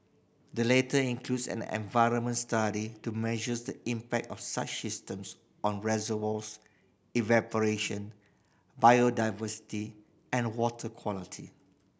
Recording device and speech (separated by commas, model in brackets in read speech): boundary microphone (BM630), read sentence